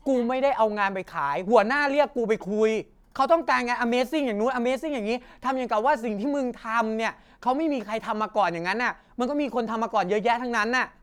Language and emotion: Thai, angry